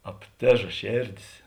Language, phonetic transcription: Lithuanian, apˈtėža ˈšėrˌdės

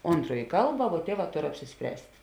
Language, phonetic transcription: Lithuanian, ˈontroj ˈkalba vuo ˈtieˌvā ˈtor apsisˈpręst'

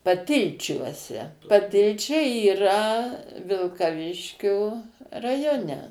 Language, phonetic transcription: Lithuanian, paˈtilčiuose paˈtilčiai yˈra vilkaˈviškio raˈjone

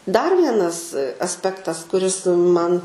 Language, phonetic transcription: Lithuanian, dar ˈvienas asˈpektas kuˈris ˈman

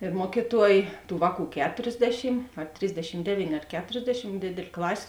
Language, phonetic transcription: Lithuanian, ir ˈmuokyˌtuoj ˈtų ˈvāˌkų ˈketorsˌdešim a ˈtrisdešim ˈdevynė ar ˈketorsdešim ˈdėdėl' ˈklasė

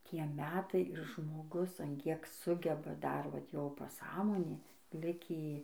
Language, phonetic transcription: Lithuanian, ˈtie ˈmetai ir žmoˈgus an ˈkiek ˈsugeba ˈdar vat ˈjo paˈsąmonė ˈlikį

